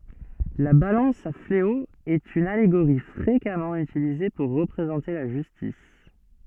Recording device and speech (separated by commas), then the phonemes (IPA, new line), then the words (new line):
soft in-ear microphone, read sentence
la balɑ̃s a fleo ɛt yn aleɡoʁi fʁekamɑ̃ ytilize puʁ ʁəpʁezɑ̃te la ʒystis
La balance à fléau est une allégorie fréquemment utilisée pour représenter la justice.